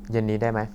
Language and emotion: Thai, neutral